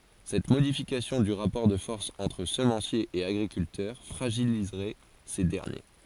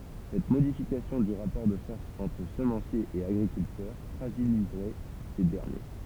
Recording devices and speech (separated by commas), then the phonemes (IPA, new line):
forehead accelerometer, temple vibration pickup, read sentence
sɛt modifikasjɔ̃ dy ʁapɔʁ də fɔʁs ɑ̃tʁ səmɑ̃sjez e aɡʁikyltœʁ fʁaʒilizʁɛ se dɛʁnje